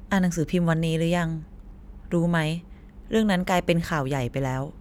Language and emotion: Thai, neutral